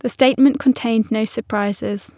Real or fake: real